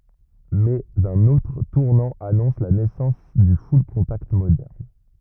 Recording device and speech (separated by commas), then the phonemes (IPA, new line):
rigid in-ear microphone, read sentence
mɛz œ̃n otʁ tuʁnɑ̃ anɔ̃s la nɛsɑ̃s dy fyllkɔ̃takt modɛʁn